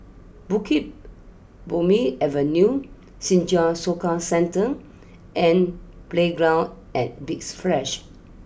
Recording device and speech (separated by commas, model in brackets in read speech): boundary microphone (BM630), read sentence